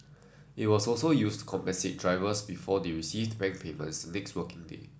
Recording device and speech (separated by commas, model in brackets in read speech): standing microphone (AKG C214), read sentence